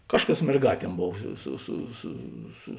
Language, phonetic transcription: Lithuanian, ˈkažˌkas merˈgāˌtiem ˈbov ˈsu su su su

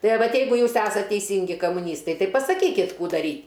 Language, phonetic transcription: Lithuanian, ˈtai a ˈvat ˈjeigu ˈjūs ˈesat teiˈsyngi kamuˈnystai ˈtai pasaˈkykit ˈkų daˈry

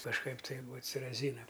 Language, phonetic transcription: Lithuanian, kažˈkaip ˈtai ˈbūa t ˈsi raˈzynam

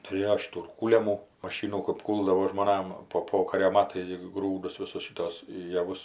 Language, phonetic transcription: Lithuanian, tuˈrėjo ˈšitų ir ˈkūliamų maˈšynų kap ˈkūldavo žmoˈnam po ˈpokario ˈmatais gi ˈgrūdus ˈvisus šiˈtos jaˈvus

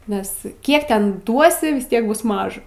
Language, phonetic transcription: Lithuanian, nes ˈkiek ˈten ˈduosi vis ˈtiek ˈbus ˈmaža

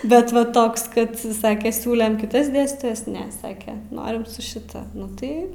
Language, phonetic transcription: Lithuanian, ˈbet va ˈtoks ˈkad ˈsake ˈsiūlem kiˈtas ˈdėstytojas ˈne ˈsake ˈnorim su šiˈta ˈnu ˈtai

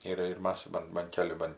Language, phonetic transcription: Lithuanian, ˈyra ir ˈmas ˈban ban ˈkeli ˈban

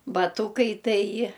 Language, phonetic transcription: Lithuanian, baˈtūkai ˈtai

